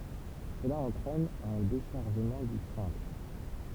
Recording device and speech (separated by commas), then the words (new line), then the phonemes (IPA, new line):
temple vibration pickup, read sentence
Cela entraîne un déchargement du cintre.
səla ɑ̃tʁɛn œ̃ deʃaʁʒəmɑ̃ dy sɛ̃tʁ